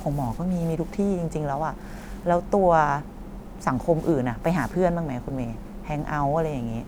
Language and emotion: Thai, neutral